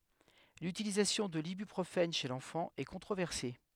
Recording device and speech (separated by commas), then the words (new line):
headset microphone, read sentence
L'utilisation de l'ibuprofène chez l'enfant est controversée.